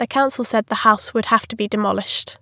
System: none